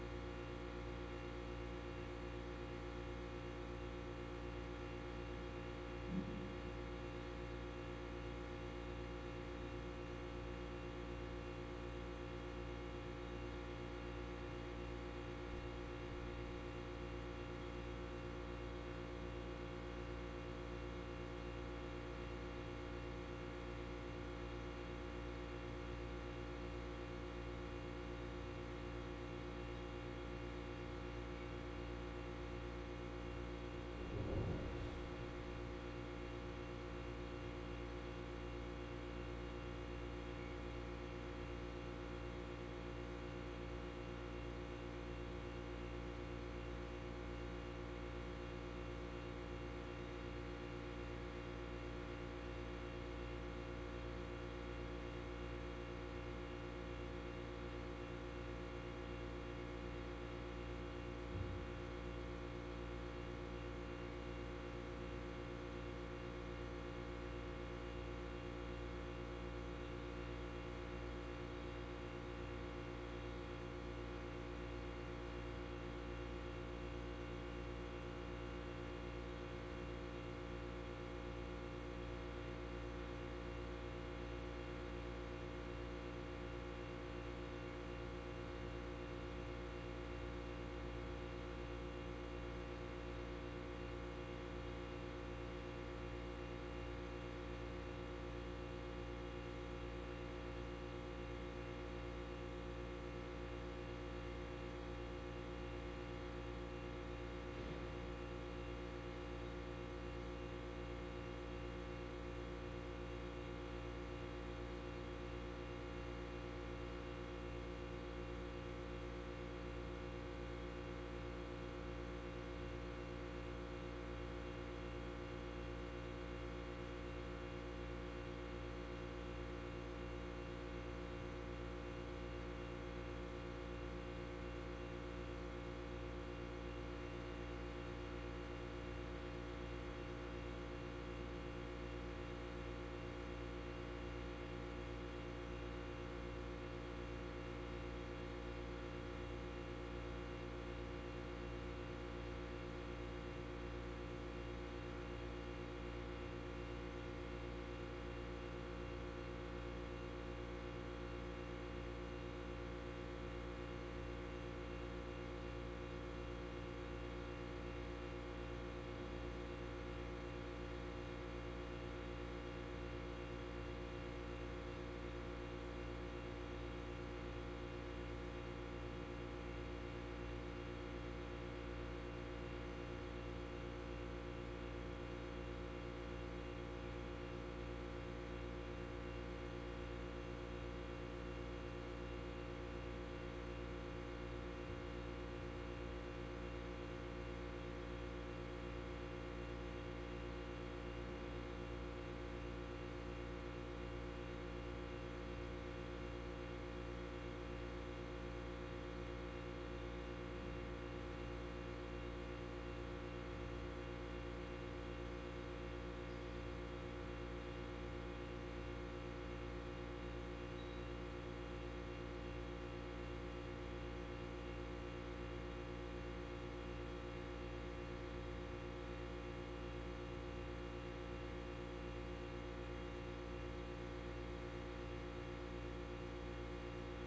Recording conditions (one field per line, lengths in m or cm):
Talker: no one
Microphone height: 1.1 m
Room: very reverberant, large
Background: none